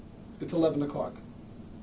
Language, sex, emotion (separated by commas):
English, male, neutral